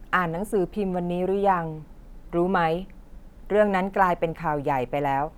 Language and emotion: Thai, neutral